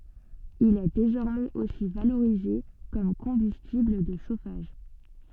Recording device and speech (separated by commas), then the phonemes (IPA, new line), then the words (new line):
soft in-ear microphone, read sentence
il ɛ dezɔʁmɛz osi valoʁize kɔm kɔ̃bystibl də ʃofaʒ
Il est désormais aussi valorisé comme combustible de chauffage.